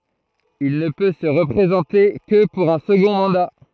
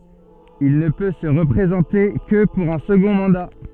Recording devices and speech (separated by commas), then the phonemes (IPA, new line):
throat microphone, soft in-ear microphone, read sentence
il nə pø sə ʁəpʁezɑ̃te kə puʁ œ̃ səɡɔ̃ mɑ̃da